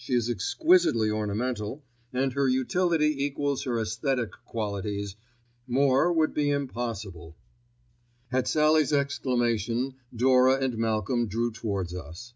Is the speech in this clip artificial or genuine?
genuine